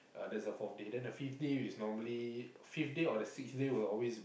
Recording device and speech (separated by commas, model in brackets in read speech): boundary microphone, conversation in the same room